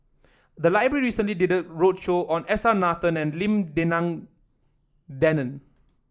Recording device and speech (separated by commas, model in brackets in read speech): standing microphone (AKG C214), read sentence